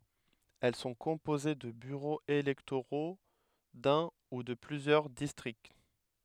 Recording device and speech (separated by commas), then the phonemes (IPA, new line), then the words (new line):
headset microphone, read sentence
ɛl sɔ̃ kɔ̃poze də byʁoz elɛktoʁo dœ̃ u də plyzjœʁ distʁikt
Elles sont composées de bureaux électoraux d'un ou de plusieurs districts.